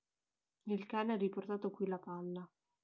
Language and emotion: Italian, neutral